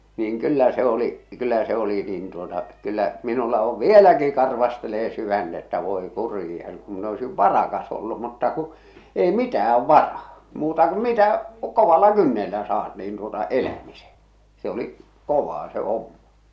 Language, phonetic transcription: Finnish, niiŋ "kyllä se ‿oli’ , 'kyllä se ‿'oli nin tuota , kyllä’ , minulla ov "vieläki 'karvastelee 'syvänᴅ ‿että 'voi 'kurija , kum min ‿oisiv "varakas ollu mutta ku , ei "mitä₍'äv "varaa , muuta ku "mitä , "kovalla "kynnellä saat niin tuota , "elämise , se ‿oli’ , "kovaa se "hommᴀ .
- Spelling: niin kyllä se oli kyllä se oli niin tuota kyllä minulla on vieläkin karvastelee sydäntä että voi kurja kun minä olisin varakas ollut mutta kun ei mitään varaa muuta kuin mitä kovalla kynnellä saat niin tuota elämisen se oli kovaa se homma

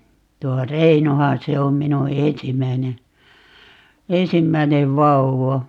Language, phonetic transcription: Finnish, 'tuo "Reinohan 'se om 'minu "ensimmäine , "ensimmäinev 'vauwa .
- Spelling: tuo Reinohan se on minun ensimmäinen ensimmäinen vauva

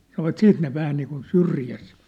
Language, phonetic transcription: Finnish, 'sanovat 'siit ne 'vähä niikun "syrjäs .
- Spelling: sanoivat sitten ne vähän niin kuin syrjässä

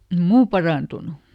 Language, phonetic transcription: Finnish, ᵉm "muu paràntunu .
- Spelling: ei muu parantunut

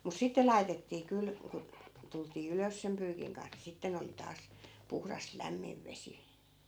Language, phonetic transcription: Finnish, mus 'sitte lai̮tettii 'kyl , ku , tultii "ylös sem 'pyykiŋ kans ni 'sitten ‿oli 'taas , 'puhras "lämmiv vesi .
- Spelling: mutta sitten laitettiin kyllä kun tultiin ylös sen pyykin kanssa niin sitten oli taas puhdas lämmin vesi

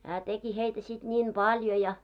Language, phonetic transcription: Finnish, hää 'teki 'heitä sit ńiim "ʙaljo ja .
- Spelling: hän teki heitä sitten niin paljon ja

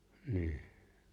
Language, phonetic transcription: Finnish, 'ni̬i̬h .
- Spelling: niin

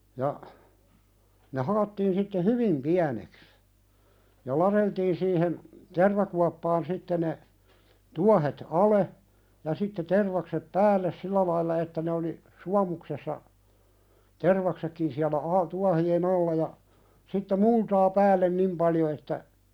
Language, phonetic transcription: Finnish, ja , ne 'halottiin sitte "hyvim 'piäneks , ja "laðeltiin siihen , "tervakuappaan 'sitte ne , "tuahet "ale , ja sitte 'tervaksep "päälles "sillä lailla että ne oli , "suamuksessa , "tervaksekkin siälä ai- 'tuahi₍e"n ‿alla ja , sitte "multaa 'päällen "nim paljo että ,.
- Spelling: ja ne halottiin sitten hyvin pieneksi ja ladeltiin siihen tervakuoppaan sitten ne tuohet alle ja sitten tervakset päälle sillä lailla että ne oli suomuksessa tervaksetkin siellä - tuohien alla ja sitten multaa päälle niin paljon että

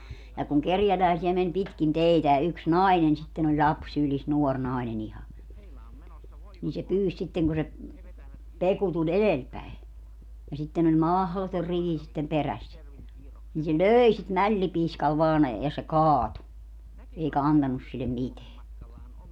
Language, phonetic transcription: Finnish, ja kuŋ 'kerjäläisi₍ä men 'pitkin "teitä ja yks "nainen sitten ‿oĺ "ĺaps 'sylis 'nuor 'nainen ‿iha , nii se 'pyys sitteŋ ku se , "Peku tuĺ "elelpäi , ja sitten ‿oĺ "mahlotor "rivi sittem 'perässä , nii se "lööi sit "mällipiiskal vaan , ja se "kaatu , 'eika "antanus sillem "miteä .
- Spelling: ja kun kerjäläisiä meni pitkin teitä ja yksi nainen sitten oli lapsi sylissä nuori nainen ihan niin se pyysi sitten kun se Peku tuli edelläpäin ja sitten oli mahdoton rivi sitten perässä niin se löi sitä mällipiiskalla vain ja se kaatui eikä antanut sille mitään

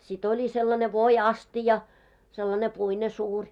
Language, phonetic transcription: Finnish, śit ‿oli sellane 'voi₍'astija , sellane 'puine 'suuŕ .
- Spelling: sitten oli sellainen voiastia sellainen puinen suuri

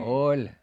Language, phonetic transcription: Finnish, oĺ .
- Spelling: oli

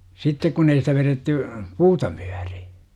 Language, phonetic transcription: Finnish, 'sittek kun ‿ei sitä veretty , "puuta 'mUÄRI .
- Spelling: sitten kun ei sitä vedetty puuta myöten

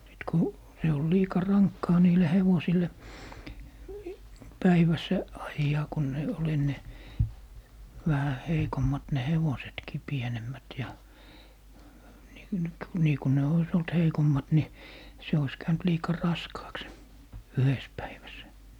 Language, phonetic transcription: Finnish, sit ku , se ol 'liika "raŋkkaa 'niile 'hevosil̀e , 'päiväss 'ajjaa ku ne , ol 'enne , 'vähä "heikommat ne 'hevosetkii 'pienemmät ja , ni - nyk - nii ku ne 'ois ‿olt "heikommat ni , 'se ois 'käynt "liika "raskaaks se , "yhes 'päiväs .
- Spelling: sitten kun se oli liika rankkaa niille hevosille päivässä ajaa kun ne oli ennen vähän heikommat ne hevosetkin pienemmät ja - - niin kun ne olisi ollut heikommat niin se olisi käynyt liika raskaaksi se yhdessä päivässä

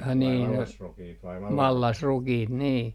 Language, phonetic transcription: Finnish, ai niin no , "mallasrukiit nii .
- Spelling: ai niin no mallasrukiita niin

